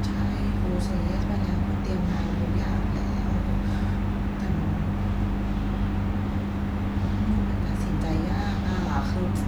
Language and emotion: Thai, frustrated